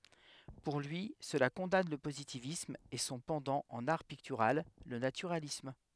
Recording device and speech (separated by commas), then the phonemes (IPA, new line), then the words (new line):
headset microphone, read sentence
puʁ lyi səla kɔ̃dan lə pozitivism e sɔ̃ pɑ̃dɑ̃ ɑ̃n aʁ piktyʁal lə natyʁalism
Pour lui, cela condamne le positivisme et son pendant en art pictural, le naturalisme.